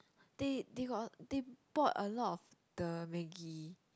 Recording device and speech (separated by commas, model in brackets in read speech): close-talking microphone, conversation in the same room